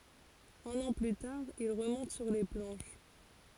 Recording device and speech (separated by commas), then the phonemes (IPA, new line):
forehead accelerometer, read sentence
œ̃n ɑ̃ ply taʁ il ʁəmɔ̃t syʁ le plɑ̃ʃ